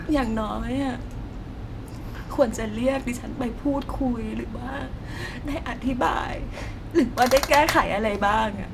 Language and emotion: Thai, sad